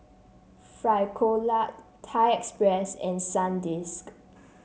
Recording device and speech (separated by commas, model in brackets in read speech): mobile phone (Samsung C7), read sentence